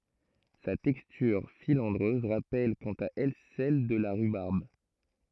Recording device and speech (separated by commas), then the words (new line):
throat microphone, read sentence
Sa texture filandreuse rappelle quant à elle celle de la rhubarbe.